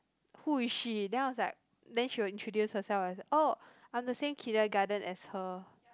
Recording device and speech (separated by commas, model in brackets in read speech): close-talking microphone, conversation in the same room